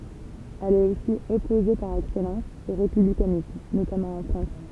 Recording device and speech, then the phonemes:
temple vibration pickup, read sentence
ɛl ɛt osi ɔpoze paʁ ɛksɛlɑ̃s o ʁepyblikanism notamɑ̃ ɑ̃ fʁɑ̃s

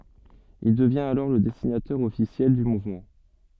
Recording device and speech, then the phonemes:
soft in-ear microphone, read sentence
il dəvjɛ̃t alɔʁ lə dɛsinatœʁ ɔfisjɛl dy muvmɑ̃

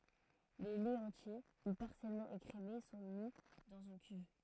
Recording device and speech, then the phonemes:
throat microphone, read sentence
le lɛz ɑ̃tje u paʁsjɛlmɑ̃ ekʁeme sɔ̃ mi dɑ̃z yn kyv

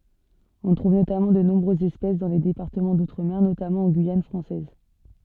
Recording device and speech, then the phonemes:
soft in-ear microphone, read sentence
ɔ̃ tʁuv notamɑ̃ də nɔ̃bʁøzz ɛspɛs dɑ̃ le depaʁtəmɑ̃ dutʁəme notamɑ̃ ɑ̃ ɡyijan fʁɑ̃sɛz

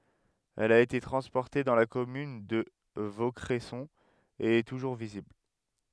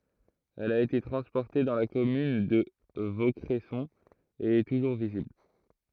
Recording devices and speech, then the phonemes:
headset microphone, throat microphone, read sentence
ɛl a ete tʁɑ̃spɔʁte dɑ̃ la kɔmyn də vokʁɛsɔ̃ e ɛ tuʒuʁ vizibl

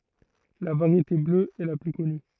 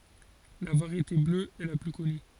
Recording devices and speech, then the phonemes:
throat microphone, forehead accelerometer, read sentence
la vaʁjete blø ɛ la ply kɔny

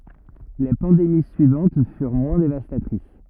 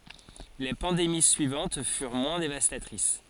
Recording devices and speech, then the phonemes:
rigid in-ear microphone, forehead accelerometer, read sentence
le pɑ̃demi syivɑ̃t fyʁ mwɛ̃ devastatʁis

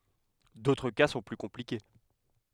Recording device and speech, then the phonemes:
headset microphone, read sentence
dotʁ ka sɔ̃ ply kɔ̃plike

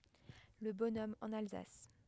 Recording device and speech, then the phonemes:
headset microphone, read sentence
lə bɔnɔm ɑ̃n alzas

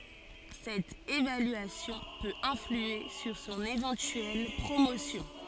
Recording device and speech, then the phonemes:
forehead accelerometer, read sentence
sɛt evalyasjɔ̃ pøt ɛ̃flye syʁ sɔ̃n evɑ̃tyɛl pʁomosjɔ̃

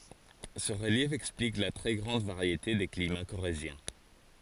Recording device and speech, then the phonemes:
forehead accelerometer, read sentence
sə ʁəljɛf ɛksplik la tʁɛ ɡʁɑ̃d vaʁjete de klima koʁezjɛ̃

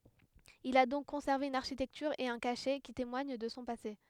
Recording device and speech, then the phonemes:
headset microphone, read sentence
il a dɔ̃k kɔ̃sɛʁve yn aʁʃitɛktyʁ e œ̃ kaʃɛ ki temwaɲ də sɔ̃ pase

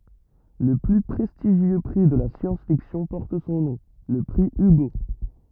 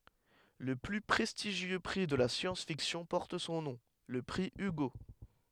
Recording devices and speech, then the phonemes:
rigid in-ear microphone, headset microphone, read sentence
lə ply pʁɛstiʒjø pʁi də la sjɑ̃s fiksjɔ̃ pɔʁt sɔ̃ nɔ̃ lə pʁi yɡo

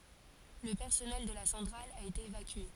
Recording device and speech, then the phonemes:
forehead accelerometer, read sentence
lə pɛʁsɔnɛl də la sɑ̃tʁal a ete evakye

